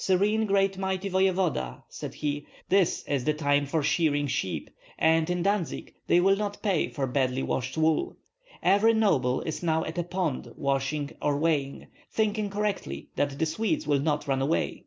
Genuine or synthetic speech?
genuine